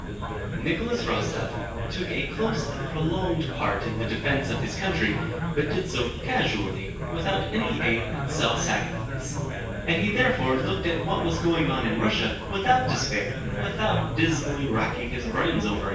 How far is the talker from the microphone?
9.8 m.